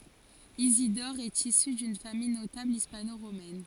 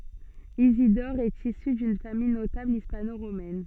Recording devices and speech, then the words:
forehead accelerometer, soft in-ear microphone, read sentence
Isidore est issu d'une famille notable hispano-romaine.

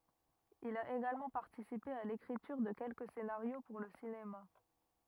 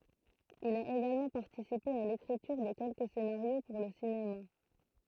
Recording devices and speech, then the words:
rigid in-ear microphone, throat microphone, read sentence
Il a également participé à l'écriture de quelques scénarios pour le cinéma.

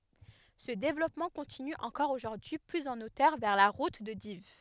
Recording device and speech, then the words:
headset microphone, read sentence
Ce développement continue encore aujourd'hui plus en hauteur vers la route de Dives.

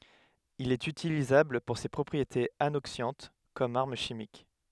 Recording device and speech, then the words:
headset microphone, read sentence
Il est utilisable pour ses propriétés anoxiantes comme arme chimique.

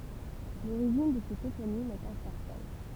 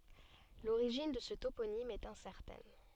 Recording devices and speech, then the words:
temple vibration pickup, soft in-ear microphone, read sentence
L'origine de ce toponyme est incertaine.

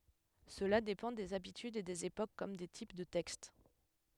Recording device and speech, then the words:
headset microphone, read sentence
Cela dépend des habitudes et des époques comme des types de textes.

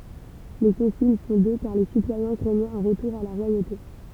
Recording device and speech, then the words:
temple vibration pickup, read sentence
Les consuls sont deux car les citoyens craignaient un retour à la royauté.

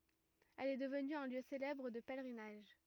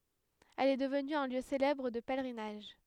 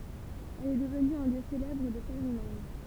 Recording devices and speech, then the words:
rigid in-ear microphone, headset microphone, temple vibration pickup, read sentence
Elle est devenue un lieu célèbre de pèlerinage.

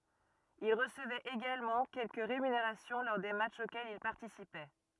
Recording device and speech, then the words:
rigid in-ear microphone, read sentence
Il recevait également quelques rémunérations lors des matchs auxquels il participait.

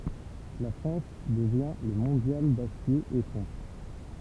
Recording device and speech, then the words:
temple vibration pickup, read sentence
La France devient le mondial d'acier et fonte.

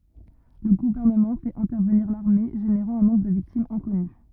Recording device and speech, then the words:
rigid in-ear microphone, read sentence
Le gouvernement fait intervenir l'armée, générant un nombre de victimes inconnu.

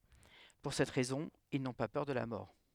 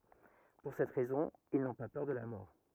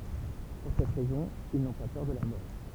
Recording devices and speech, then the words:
headset microphone, rigid in-ear microphone, temple vibration pickup, read sentence
Pour cette raison, ils n'ont pas peur de la mort.

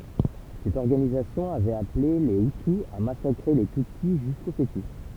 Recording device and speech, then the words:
temple vibration pickup, read sentence
Cette organisation avait appelée les hutu à massacrer les tutsi jusqu'aux fœtus.

